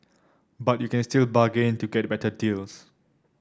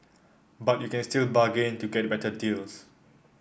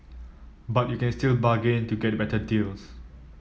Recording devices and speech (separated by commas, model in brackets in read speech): standing microphone (AKG C214), boundary microphone (BM630), mobile phone (iPhone 7), read sentence